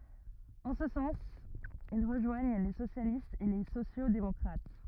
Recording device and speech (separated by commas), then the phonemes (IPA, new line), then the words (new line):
rigid in-ear microphone, read sentence
ɑ̃ sə sɑ̃s il ʁəʒwaɲ le sosjalistz e le sosjoksdemɔkʁat
En ce sens, ils rejoignent les socialistes et les sociaux-démocrates.